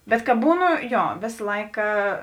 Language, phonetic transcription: Lithuanian, bet ka ˈbūˌnu ˈjo ˈvės ˈlaika

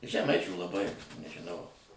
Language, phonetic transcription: Lithuanian, žeˈmaičių laˈbai nežiˈnau

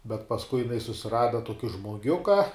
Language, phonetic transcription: Lithuanian, bet pasˈkui jiˈnai susiˈrada ˈtuoki žmoˈgiuka

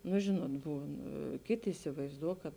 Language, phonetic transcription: Lithuanian, nu ˈžinuot ˈbūn ˈkėˌtė isivaizˈduo kad

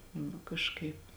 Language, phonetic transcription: Lithuanian, nu kažˈkaip

